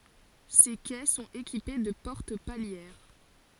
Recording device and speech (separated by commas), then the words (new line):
forehead accelerometer, read sentence
Ces quais sont équipés de portes palières.